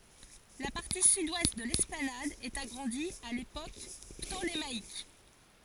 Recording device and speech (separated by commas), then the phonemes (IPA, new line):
forehead accelerometer, read sentence
la paʁti sydwɛst də lɛsplanad ɛt aɡʁɑ̃di a lepok ptolemaik